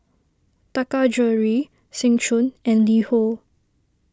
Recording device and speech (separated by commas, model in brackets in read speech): standing microphone (AKG C214), read sentence